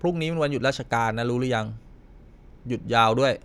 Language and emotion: Thai, neutral